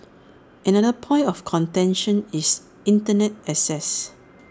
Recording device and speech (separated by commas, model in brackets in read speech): standing microphone (AKG C214), read sentence